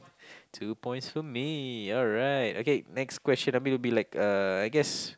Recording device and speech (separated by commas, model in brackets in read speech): close-talking microphone, conversation in the same room